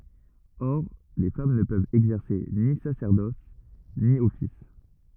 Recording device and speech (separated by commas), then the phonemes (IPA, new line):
rigid in-ear microphone, read sentence
ɔʁ le fam nə pøvt ɛɡzɛʁse ni sasɛʁdɔs ni ɔfis